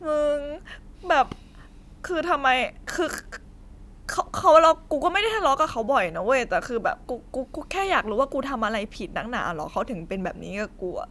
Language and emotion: Thai, sad